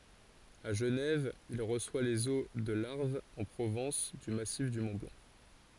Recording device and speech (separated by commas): forehead accelerometer, read sentence